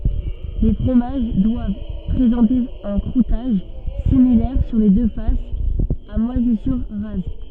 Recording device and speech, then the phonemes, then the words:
soft in-ear microphone, read sentence
le fʁomaʒ dwav pʁezɑ̃te œ̃ kʁutaʒ similɛʁ syʁ le dø fasz a mwazisyʁ ʁaz
Les fromages doivent présenter un croûtage, similaire sur les deux faces, à moisissures rases.

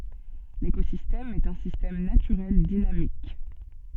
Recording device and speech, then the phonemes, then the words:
soft in-ear microphone, read sentence
lekozistɛm ɛt œ̃ sistɛm natyʁɛl dinamik
L'écosystème est un système naturel dynamique.

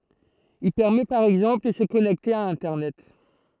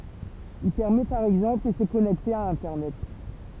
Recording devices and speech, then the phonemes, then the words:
throat microphone, temple vibration pickup, read sentence
il pɛʁmɛ paʁ ɛɡzɑ̃pl də sə kɔnɛkte a ɛ̃tɛʁnɛt
Il permet par exemple de se connecter à Internet.

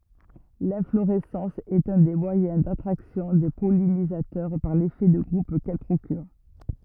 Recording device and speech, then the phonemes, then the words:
rigid in-ear microphone, read sentence
lɛ̃floʁɛsɑ̃s ɛt œ̃ de mwajɛ̃ datʁaksjɔ̃ de pɔlinizatœʁ paʁ lefɛ də ɡʁup kɛl pʁokyʁ
L'inflorescence est un des moyens d'attraction des pollinisateurs par l'effet de groupe qu'elle procure.

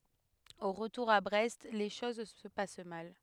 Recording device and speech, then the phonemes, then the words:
headset microphone, read sentence
o ʁətuʁ a bʁɛst le ʃoz sə pas mal
Au retour à Brest, les choses se passent mal.

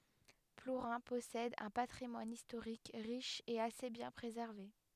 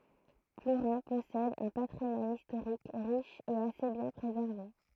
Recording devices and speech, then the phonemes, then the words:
headset microphone, throat microphone, read sentence
pluʁɛ̃ pɔsɛd œ̃ patʁimwan istoʁik ʁiʃ e ase bjɛ̃ pʁezɛʁve
Plourin possède un patrimoine historique riche et assez bien préservé.

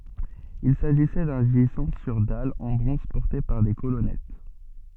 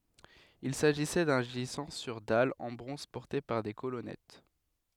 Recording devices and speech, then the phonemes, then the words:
soft in-ear microphone, headset microphone, read sentence
il saʒisɛ dœ̃ ʒizɑ̃ syʁ dal ɑ̃ bʁɔ̃z pɔʁte paʁ de kolɔnɛt
Il s’agissait d'un gisant sur dalle en bronze porté par des colonnettes.

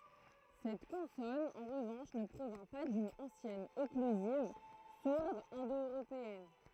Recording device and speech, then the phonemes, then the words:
throat microphone, read sentence
sɛt kɔ̃sɔn ɑ̃ ʁəvɑ̃ʃ nə pʁovjɛ̃ pa dyn ɑ̃sjɛn ɔklyziv suʁd ɛ̃do øʁopeɛn
Cette consonne, en revanche, ne provient pas d'une ancienne occlusive sourde indo-européenne.

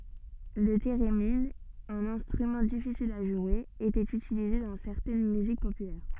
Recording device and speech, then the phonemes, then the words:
soft in-ear microphone, read sentence
lə teʁemin œ̃n ɛ̃stʁymɑ̃ difisil a ʒwe etɛt ytilize dɑ̃ sɛʁtɛn myzik popylɛʁ
Le thérémine, un instrument difficile à jouer, était utilisé dans certaines musiques populaires.

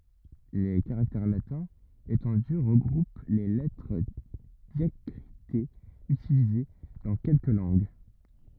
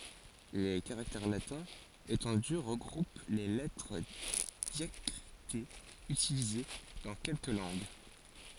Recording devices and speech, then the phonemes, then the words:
rigid in-ear microphone, forehead accelerometer, read sentence
le kaʁaktɛʁ latɛ̃z etɑ̃dy ʁəɡʁup le lɛtʁ djakʁitez ytilize dɑ̃ kɛlkə lɑ̃ɡ
Les caractères latins étendus regroupent les lettres diacritées utilisées dans quelques langues.

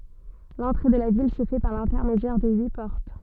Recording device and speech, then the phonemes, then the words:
soft in-ear microphone, read sentence
lɑ̃tʁe də la vil sə fɛ paʁ lɛ̃tɛʁmedjɛʁ də yi pɔʁt
L’entrée de la ville se fait par l’intermédiaire de huit portes.

